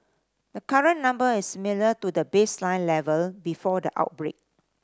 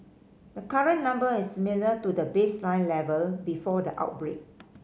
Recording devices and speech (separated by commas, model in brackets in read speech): standing microphone (AKG C214), mobile phone (Samsung C5010), read sentence